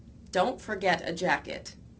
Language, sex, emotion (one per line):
English
female
angry